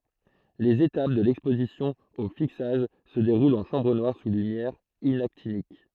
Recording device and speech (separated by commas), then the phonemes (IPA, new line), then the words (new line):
throat microphone, read sentence
lez etap də lɛkspozisjɔ̃ o fiksaʒ sə deʁult ɑ̃ ʃɑ̃bʁ nwaʁ su lymjɛʁ inaktinik
Les étapes de l'exposition au fixage se déroulent en chambre noire sous lumière inactinique.